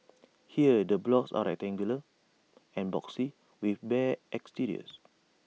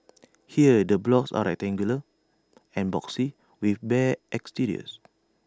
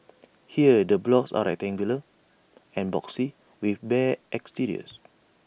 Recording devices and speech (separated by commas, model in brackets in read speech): mobile phone (iPhone 6), standing microphone (AKG C214), boundary microphone (BM630), read sentence